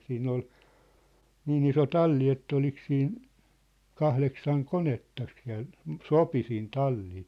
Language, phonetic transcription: Finnish, 'siinn ‿ol , 'niin ‿iso "talli et't ‿olik siin , "kahleksaŋ "konettak siä̭l , "sopi siin 'tallii .
- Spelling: siinä oli niin iso talli että oliko siinä kahdeksan konetta siellä sopi siihen talliin

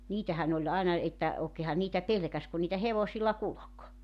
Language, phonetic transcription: Finnish, 'niitähän ‿oĺ àina , että , ookeehan niitä 'pelᵉkäs kun niitä 'hevosilla 'kulok .
- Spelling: niitähän oli aina että oikeinhan niitä pelkäsi kun niitä hevosilla kulki

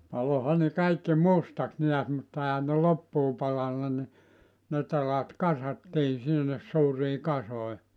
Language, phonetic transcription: Finnish, 'paloha ne 'kaikki "mustaks 'neäs mutta ehän ne "loppuu 'palanna ni , ne 'telat "kasattii sinnes 'suurii "kasoi .
- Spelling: paloihan ne kaikki mustaksi näet mutta eihän ne loppuun palanut niin ne telat kasattiin sinne suuriin kasoihin

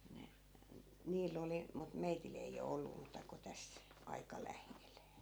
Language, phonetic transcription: Finnish, 'ne , 'niil ‿oli , mut 'meitil ‿ei o 'ollu muuta ko 'täs , aika "läheel .
- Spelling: ne niillä oli mutta meillä ei ole ollut muuta kuin tässä aika lähellä

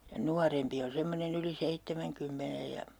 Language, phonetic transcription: Finnish, ja 'nuarempi on 'semmonen ‿yli 'seittemäŋkymmenej ja , .
- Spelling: ja nuorempi on semmoinen yli seitsemänkymmenen ja

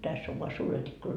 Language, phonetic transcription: Finnish, 'täss ‿ov voa "suuret ikkunat .
- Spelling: tässä on vain suuret ikkunat

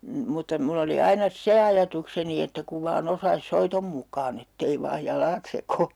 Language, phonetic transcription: Finnish, m̥ mutta 'mull ‿oli 'aina "se ajatukseni että kuv vaa'n ‿osais 'soitom muk̆kaan ‿ettei vaaj 'jalaat sekoo .
- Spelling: - mutta minulla oli aina se ajatukseni että kun vain osaisi soiton mukaan että ei vain jalat sekoa

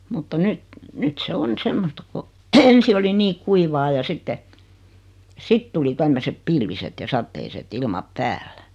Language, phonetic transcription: Finnish, mutta "nyt , 'nyt se 'on 'semmosta ko , 'ensi oli 'nii "kuivaa ja 'sitte , 'sit tuli 'tämmösep "pilviset ja "satteiset 'ilmap "päällä .
- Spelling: mutta nyt nyt se on semmoista kun ensi oli niin kuivaa ja sitten sitten tuli tämmöiset pilviset ja sateiset ilmat päällä

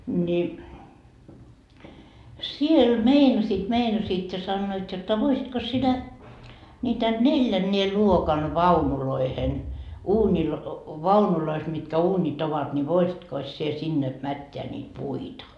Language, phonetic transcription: Finnish, ni , "siel 'meinasiit 'meinasiit ja 'sannoit jotta » 'voisitkos sinä , ńiitä "neĺjännee 'luokan "vaunuloihen , uuńil- , 'vaunulois mitkä 'uuńit ‿ovat ńi 'voisitkos sie 'sinne , 'mätteä niit "puita ?
- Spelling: niin siellä meinasivat meinasivat ja sanoivat jotta voisitkos sinä niitä neljännen luokan vaunujen - vaunuissa mitkä uunit ovat niin voisitkos sinä sinne mättää niitä puita

